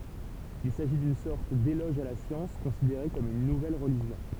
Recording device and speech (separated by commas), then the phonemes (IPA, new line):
temple vibration pickup, read sentence
il saʒi dyn sɔʁt delɔʒ a la sjɑ̃s kɔ̃sideʁe kɔm yn nuvɛl ʁəliʒjɔ̃